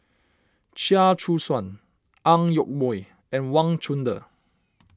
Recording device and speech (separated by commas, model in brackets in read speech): standing microphone (AKG C214), read sentence